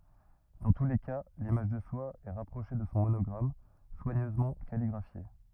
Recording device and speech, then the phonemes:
rigid in-ear microphone, read sentence
dɑ̃ tu le ka limaʒ də swa ɛ ʁapʁoʃe də sɔ̃ monɔɡʁam swaɲøzmɑ̃ kaliɡʁafje

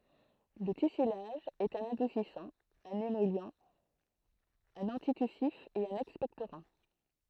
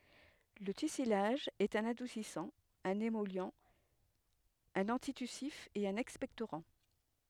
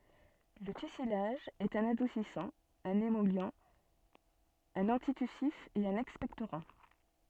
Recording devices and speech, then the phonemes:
throat microphone, headset microphone, soft in-ear microphone, read sentence
lə tysilaʒ ɛt œ̃n adusisɑ̃ œ̃n emɔli œ̃n ɑ̃titysif e œ̃n ɛkspɛktoʁɑ̃

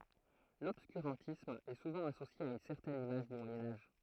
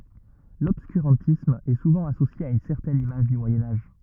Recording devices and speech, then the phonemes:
throat microphone, rigid in-ear microphone, read sentence
lɔbskyʁɑ̃tism ɛ suvɑ̃ asosje a yn sɛʁtɛn imaʒ dy mwajɛ̃ aʒ

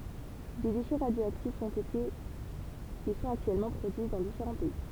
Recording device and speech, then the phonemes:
temple vibration pickup, read sentence
de deʃɛ ʁadjoaktifz ɔ̃t ete e sɔ̃t aktyɛlmɑ̃ pʁodyi dɑ̃ difeʁɑ̃ pɛi

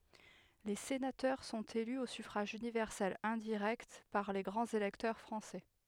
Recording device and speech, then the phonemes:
headset microphone, read sentence
le senatœʁ sɔ̃t ely o syfʁaʒ ynivɛʁsɛl ɛ̃diʁɛkt paʁ le ɡʁɑ̃z elɛktœʁ fʁɑ̃sɛ

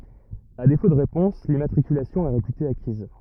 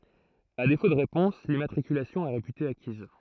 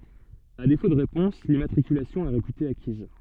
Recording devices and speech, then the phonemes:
rigid in-ear microphone, throat microphone, soft in-ear microphone, read sentence
a defo də ʁepɔ̃s limmatʁikylasjɔ̃ ɛ ʁepyte akiz

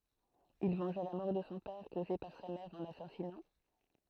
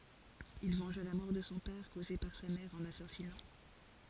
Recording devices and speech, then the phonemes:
throat microphone, forehead accelerometer, read sentence
il vɑ̃ʒa la mɔʁ də sɔ̃ pɛʁ koze paʁ sa mɛʁ ɑ̃ lasazinɑ̃

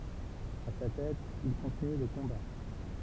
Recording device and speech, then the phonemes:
temple vibration pickup, read sentence
a sa tɛt il kɔ̃tiny lə kɔ̃ba

